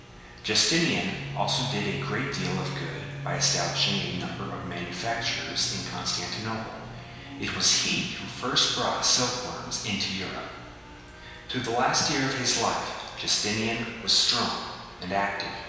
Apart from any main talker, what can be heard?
A television.